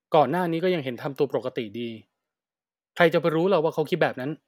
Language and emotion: Thai, frustrated